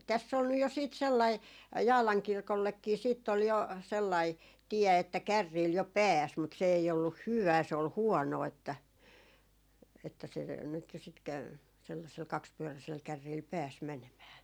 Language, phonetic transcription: Finnish, 'täss ‿ol nyj jo 'siit 'sellai , 'Jaalaŋ "kirkollekkii siitt ‿ol jo , sellai 'tiɛ että 'kärriil jo "pääs , mut se ei olluh "hyᵛää se ol "huɔnoo että , että se , nyt jo sit käy , sellasel 'kakspyöräsel 'kärriil "pääs 'mɛnemää .
- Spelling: tässä oli nyt jo sitten sellainen Jaalan kirkollekin sitten oli jo sellainen tie että kärryillä jo pääsi mutta se ei ollut hyvää se oli huonoa että että se nyt jo sitten kävi sellaisella kaksipyöräisellä kärrillä pääsi menemään

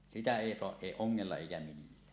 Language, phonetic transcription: Finnish, 'sitä "èi 'soaˀ "ˀèi 'oŋŋella eikä 'millää .
- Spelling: sitä ei saa ei ongella eikä millään

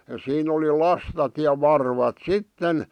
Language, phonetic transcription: Finnish, siin ‿oli "lastat ja 'varvat "sitten ,.
- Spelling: siinä oli lastat ja varvat sitten

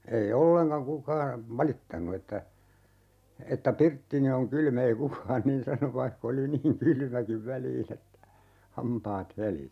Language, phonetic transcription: Finnish, 'ei "olleŋkaŋ 'kukaa , 'valittanu että , 'että » "pirttini oŋ 'kyl'm » ‿ei "kukaan niin 'san 'vaihk ‿oli niiŋ "kylmäkiv 'väliin ‿että , "hampaat 'helisi .
- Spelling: ei ollenkaan kukaan valittanut että että pirttini on kylmä ei kukaan niin sanonut vaikka oli niin kylmäkin väliin että hampaat helisi

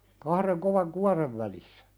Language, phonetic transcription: Finnish, kahreŋ kovaŋ "kuarev välissᴀ̈ .
- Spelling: kahden kovan kuoren välissä

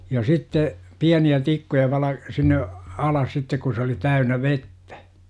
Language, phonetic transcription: Finnish, já sitte , "piäni₍ä' 'tikkuja vala- , sinne , "alas sittek ku se oli 'täynä "vettÄ .
- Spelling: ja sitten pieniä tikkuja - sinne alas sitten kun se oli täynnä vettä

